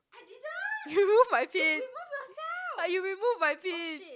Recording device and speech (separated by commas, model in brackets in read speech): close-talking microphone, conversation in the same room